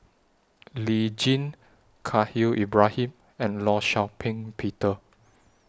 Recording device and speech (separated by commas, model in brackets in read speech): standing microphone (AKG C214), read sentence